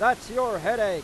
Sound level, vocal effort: 104 dB SPL, very loud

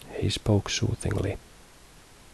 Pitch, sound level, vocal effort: 105 Hz, 65 dB SPL, soft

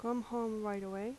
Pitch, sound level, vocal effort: 225 Hz, 81 dB SPL, soft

